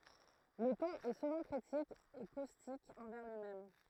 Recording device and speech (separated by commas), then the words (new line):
throat microphone, read sentence
Le ton est souvent critique et caustique envers lui-même.